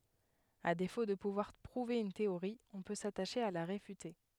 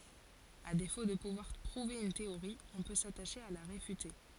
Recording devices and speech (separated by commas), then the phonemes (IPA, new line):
headset microphone, forehead accelerometer, read sentence
a defo də puvwaʁ pʁuve yn teoʁi ɔ̃ pø sataʃe a la ʁefyte